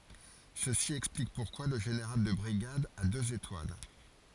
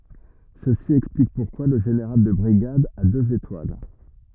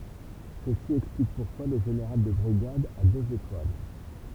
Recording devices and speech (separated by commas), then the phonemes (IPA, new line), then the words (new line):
forehead accelerometer, rigid in-ear microphone, temple vibration pickup, read sentence
səsi ɛksplik puʁkwa lə ʒeneʁal də bʁiɡad a døz etwal
Ceci explique pourquoi le général de brigade a deux étoiles.